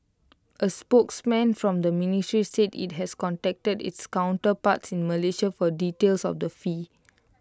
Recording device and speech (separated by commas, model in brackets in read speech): close-talking microphone (WH20), read sentence